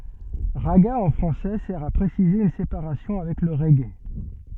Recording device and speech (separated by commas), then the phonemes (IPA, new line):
soft in-ear microphone, read sentence
ʁaɡa ɑ̃ fʁɑ̃sɛ sɛʁ a pʁesize yn sepaʁasjɔ̃ avɛk lə ʁɛɡe